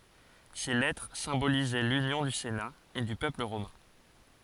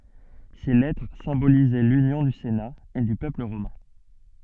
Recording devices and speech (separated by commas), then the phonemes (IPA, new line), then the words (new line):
forehead accelerometer, soft in-ear microphone, read sentence
se lɛtʁ sɛ̃bolizɛ lynjɔ̃ dy sena e dy pøpl ʁomɛ̃
Ces lettres symbolisaient l'union du Sénat et du peuple romain.